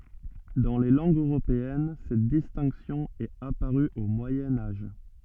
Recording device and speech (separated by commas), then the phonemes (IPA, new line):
soft in-ear microphone, read sentence
dɑ̃ le lɑ̃ɡz øʁopeɛn sɛt distɛ̃ksjɔ̃ ɛt apaʁy o mwajɛ̃ aʒ